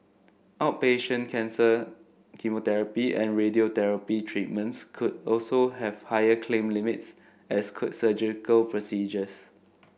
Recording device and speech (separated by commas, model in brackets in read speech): boundary microphone (BM630), read sentence